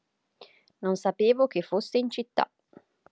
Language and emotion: Italian, neutral